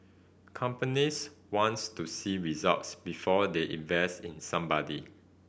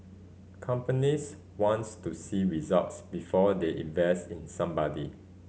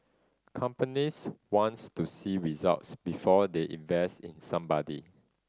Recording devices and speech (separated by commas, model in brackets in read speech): boundary microphone (BM630), mobile phone (Samsung C5010), standing microphone (AKG C214), read sentence